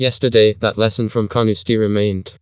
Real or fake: fake